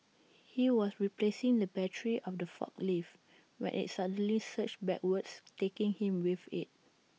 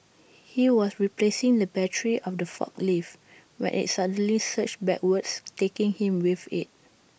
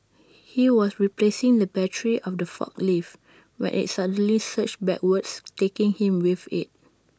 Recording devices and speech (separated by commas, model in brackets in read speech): mobile phone (iPhone 6), boundary microphone (BM630), standing microphone (AKG C214), read sentence